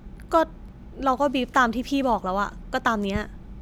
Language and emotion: Thai, frustrated